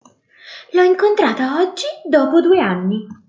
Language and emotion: Italian, surprised